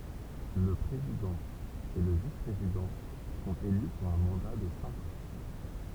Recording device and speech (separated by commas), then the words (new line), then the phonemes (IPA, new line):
temple vibration pickup, read sentence
Le président et le vice-président sont élus pour un mandat de cinq ans.
lə pʁezidɑ̃ e lə vispʁezidɑ̃ sɔ̃t ely puʁ œ̃ mɑ̃da də sɛ̃k ɑ̃